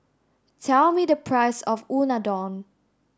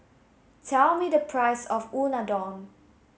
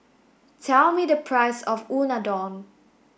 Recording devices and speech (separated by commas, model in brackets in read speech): standing microphone (AKG C214), mobile phone (Samsung S8), boundary microphone (BM630), read sentence